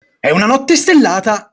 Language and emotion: Italian, angry